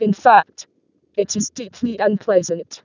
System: VC, vocoder